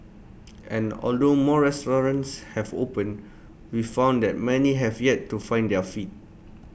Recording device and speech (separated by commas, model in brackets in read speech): boundary microphone (BM630), read sentence